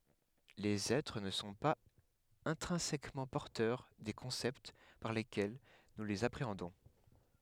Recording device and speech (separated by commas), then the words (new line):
headset microphone, read sentence
Les êtres ne sont pas intrinsèquement porteurs des concepts par lesquels nous les appréhendons.